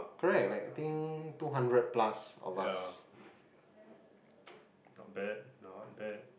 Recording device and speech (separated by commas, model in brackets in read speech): boundary microphone, conversation in the same room